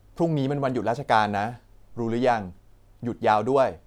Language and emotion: Thai, neutral